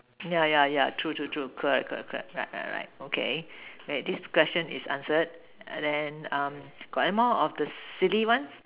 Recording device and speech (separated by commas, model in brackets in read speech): telephone, conversation in separate rooms